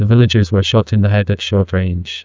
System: TTS, neural waveform model